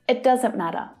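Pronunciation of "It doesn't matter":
In 'It doesn't matter', 'it' is reduced: its vowel relaxes to the schwa sound, uh. The t of 'it' is not fully pronounced, and the air is not released after it.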